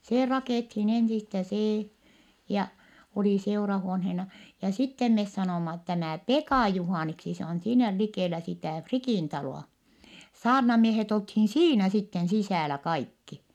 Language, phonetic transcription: Finnish, see rakèthin ensistä see , ja , oli seurahuonhena , ja sittem mes sanòma tämä̀ Pekà Juhàniksi se on siinä likèlä sitä̀ Frikìn talò₍a , saarnamiehet olthin siinä sitten sisä̀lä kaikki .
- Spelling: se rakennettiin ensistä se ja oli seurahuoneena ja sitten me sanoimme tämä Pekan Juhaniksi se on siinä likellä sitä Frikin taloa saarnamiehet oltiin siinä sitten sisällä kaikki

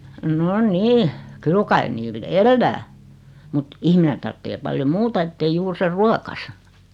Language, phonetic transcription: Finnish, 'no "nii , 'kyl kai 'niil "ellää , mut , 'ihmine tarttee 'paljo "muuta ettei 'juur ser 'ruokasa .
- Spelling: no niin kyllä kai niillä elää mutta ihminen tarvitsee paljon muuta että ei juuri sen ruokansa

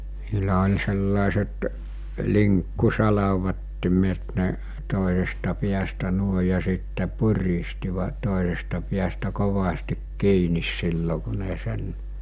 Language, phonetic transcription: Finnish, s̬ilä oĺ sellàeset , 'liŋkku'salavattimet ne , 'tòesesta piästä 'nuoe ja sitte 'puristiva- , 'tòesesta piästä 'kovastik 'kiinis 'sillo ku ne sen ,.
- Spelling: sillä oli sellaiset linkkusalvattimet ne toisesta päästä noin ja sitten puristivat toisesta päästä kovasti kiinni silloin kun ne sen

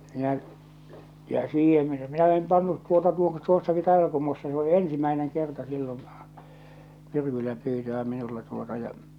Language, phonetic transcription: Finnish, minä’ , ja 'siiheḛ , 'minä 'em 'pannut tuota tuo 'tuossaki 'Tàeval̬kummussa se ‿o "ensimäeneŋ kerta sillon̬ , 'myrkyllä pyytö₍ä 'minulla tuota ja .
- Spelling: minä ja siihen minä en pannut tuota tuo tuossakin Taivalkummussa se on ensimmäinen kerta silloin myrkyllä pyytöä minulla tuota ja

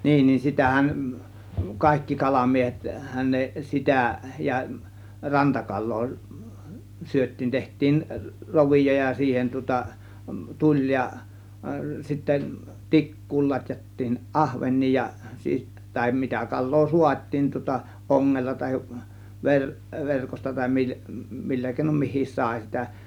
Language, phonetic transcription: Finnish, niin ni 'sitähän , 'kàėkki 'kalamiehethän ne 'sitä ja , "rantakal̆loo , syöt̆tiin , 'teht̆tiin , "rovijo ja 'siihen tŭŏta , "tuĺ ja , sittä , "tik̀kuul lat́jattiin "ˀahven̆nii ja , 'siis- , tàem 'mitä 'kal̆loo "suat́̆tiim tŭŏta , 'ˀoŋŋella ta(h)ev ver- , 'verkosta tàė mii- , 'millä kèinom "mihi§i§s 'sàė sitä .
- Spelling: niin niin sitähän kaikki kalamiehethän ne sitä ja rantakalaa syötiin tehtiin rovio ja siihen tuota tuli ja sitten tikkuun latjattiin ahvenia ja - tai mitä kalaa saatiin tuota ongella tai - verkosta tai - millä keinoin mikin sai sitä

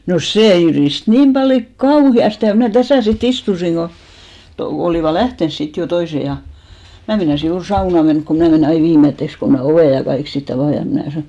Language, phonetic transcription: Finnish, no "see jyrìst 'niim ʙaljo "kauhi₍aste ja mnä̀ "täsä̀ si't ‿istusiŋ ɢo , to- , olìva "lähtens sit jo 'toise ja , 'mä meinasi 'juur "sauna menk ko 'mnä̀ menè ai "viimetteks ko mä "ovè ja 'kaik si't ‿avà ja mnä̀ sanò ,.
- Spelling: no se jyristi niin paljon kauheasti ja minä tässä sitten istuin kun - olivat lähtenyt sitten jo toiset ja minä meinasin juuri saunaan mennä kun minä menen aina viimeiseksi kun minä ovet ja kaikki sitten avaan ja minä sanoin

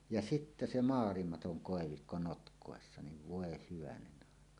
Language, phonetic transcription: Finnish, ja 'sittä se "maalimatoŋ "kòevikko 'notk̀òessa niv 'vòe hyvänenn ‿àeka .
- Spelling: ja sitten se maailmaton koivikko notkossa niin voi hyvänen aika

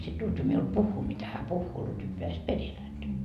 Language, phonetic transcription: Finnish, sit 'Lutvi miul "puhhuu mitä hä 'puhhuu Lutvi peäs "peril häntä .
- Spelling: sitten Lutvi minulle puhuu mitä hän puhuu Lutvi pääsi perille häntä

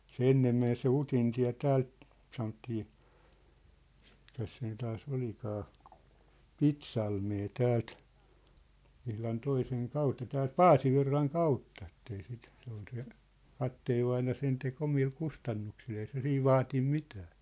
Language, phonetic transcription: Finnish, se "ennem men se "Utintiä̭ 'täält , sanottii , mikäs siin taa's ‿olikaa , "Pitsalmee 'täält , ihlan 'toiseŋ 'kautta täält "Paasivirraŋ 'kautta ettei sit , se ‿ol se , 'katteevvaina 'sen tek 'omil 'kustannuksil ei se 'siiv "vaatim 'mitää .
- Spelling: se ennen meni se Utintie täältä sanottiin mikäs siinä taas olikaan Pitsalmeen täältä ihan toisen kautta täältä Paasivirran kautta että ei sitten se oli se kapteenivainaja sen teki omilla kustannuksilla ei se siinä vaatinut mitään

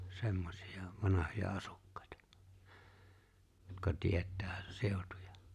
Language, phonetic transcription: Finnish, 'semmosija , 'vanahoja "asukkᴀ̀ᴇtᴀ , jotka 'tiet̆tää , 'sèotᴜᴊᴀ .
- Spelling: semmoisia vanhoja asukkaita jotka tietää seutuja

